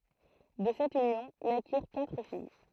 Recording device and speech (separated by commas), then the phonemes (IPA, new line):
throat microphone, read sentence
də sɛt ynjɔ̃ nakiʁ katʁ fij